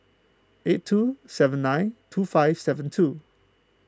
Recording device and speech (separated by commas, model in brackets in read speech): close-talking microphone (WH20), read sentence